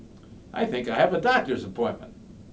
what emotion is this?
happy